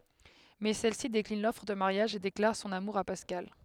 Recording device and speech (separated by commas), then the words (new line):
headset microphone, read sentence
Mais celle-ci décline l’offre de mariage et déclare son amour à Pascal.